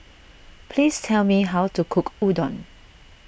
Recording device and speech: boundary microphone (BM630), read sentence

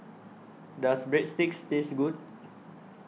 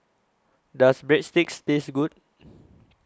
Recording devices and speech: mobile phone (iPhone 6), close-talking microphone (WH20), read sentence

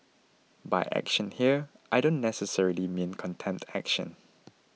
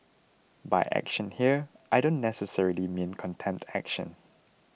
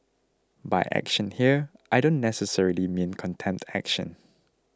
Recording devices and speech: mobile phone (iPhone 6), boundary microphone (BM630), close-talking microphone (WH20), read sentence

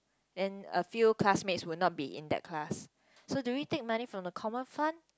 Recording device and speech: close-talking microphone, conversation in the same room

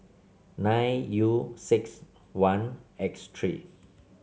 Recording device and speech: mobile phone (Samsung C7), read sentence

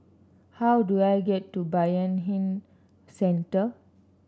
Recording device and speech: standing microphone (AKG C214), read sentence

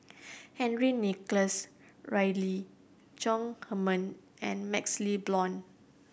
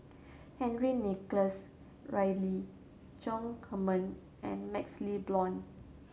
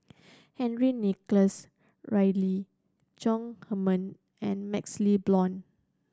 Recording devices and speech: boundary microphone (BM630), mobile phone (Samsung C7100), standing microphone (AKG C214), read sentence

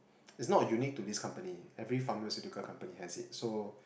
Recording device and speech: boundary microphone, conversation in the same room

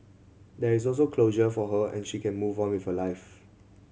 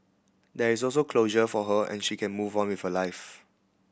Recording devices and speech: mobile phone (Samsung C7100), boundary microphone (BM630), read sentence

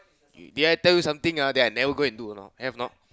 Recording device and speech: close-talking microphone, conversation in the same room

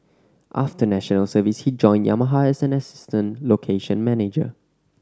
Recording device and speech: standing microphone (AKG C214), read sentence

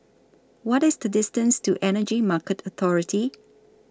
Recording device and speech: standing microphone (AKG C214), read sentence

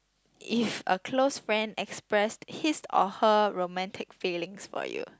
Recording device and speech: close-talking microphone, conversation in the same room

